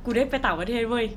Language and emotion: Thai, happy